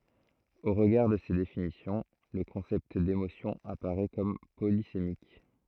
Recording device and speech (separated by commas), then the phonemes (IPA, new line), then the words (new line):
throat microphone, read sentence
o ʁəɡaʁ də se definisjɔ̃ lə kɔ̃sɛpt demosjɔ̃ apaʁɛ kɔm polisemik
Au regard de ces définitions, le concept d’émotion apparaît comme polysémique.